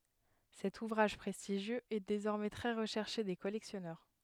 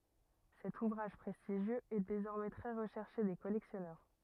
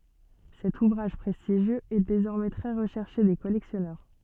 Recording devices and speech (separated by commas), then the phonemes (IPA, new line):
headset microphone, rigid in-ear microphone, soft in-ear microphone, read sentence
sɛt uvʁaʒ pʁɛstiʒjøz ɛ dezɔʁmɛ tʁɛ ʁəʃɛʁʃe de kɔlɛksjɔnœʁ